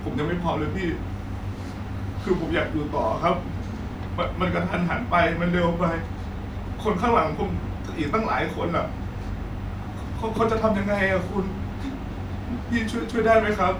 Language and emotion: Thai, sad